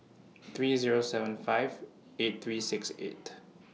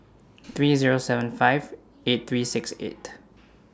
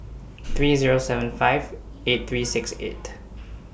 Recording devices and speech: mobile phone (iPhone 6), standing microphone (AKG C214), boundary microphone (BM630), read sentence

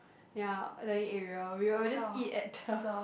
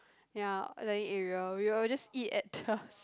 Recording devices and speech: boundary microphone, close-talking microphone, conversation in the same room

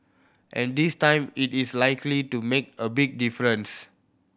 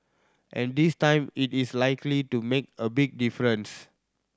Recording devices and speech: boundary microphone (BM630), standing microphone (AKG C214), read sentence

